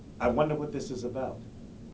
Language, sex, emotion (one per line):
English
male
neutral